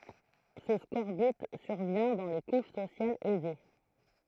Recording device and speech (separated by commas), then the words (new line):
throat microphone, read sentence
Ce scorbut survient dans les couches sociales aisées.